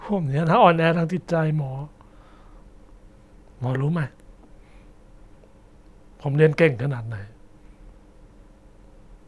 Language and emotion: Thai, frustrated